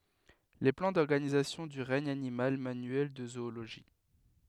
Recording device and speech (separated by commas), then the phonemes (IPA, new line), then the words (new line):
headset microphone, read sentence
le plɑ̃ dɔʁɡanizasjɔ̃ dy ʁɛɲ animal manyɛl də zooloʒi
Les plans d’organisation du regne animal, manuel de zoologie.